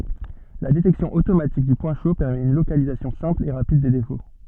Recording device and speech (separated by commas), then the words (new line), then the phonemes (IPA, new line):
soft in-ear microphone, read sentence
La détection automatique du point chaud permet une localisation simple et rapide des défauts.
la detɛksjɔ̃ otomatik dy pwɛ̃ ʃo pɛʁmɛt yn lokalizasjɔ̃ sɛ̃pl e ʁapid de defo